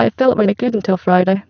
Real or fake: fake